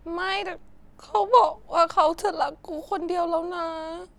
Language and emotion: Thai, sad